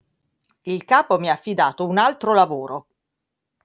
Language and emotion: Italian, angry